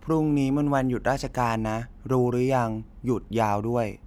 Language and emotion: Thai, neutral